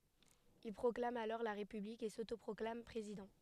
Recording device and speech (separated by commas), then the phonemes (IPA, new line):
headset microphone, read sentence
il pʁɔklam alɔʁ la ʁepyblik e sotopʁɔklam pʁezidɑ̃